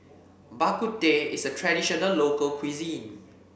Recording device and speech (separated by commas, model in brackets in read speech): boundary microphone (BM630), read sentence